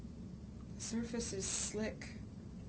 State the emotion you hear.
neutral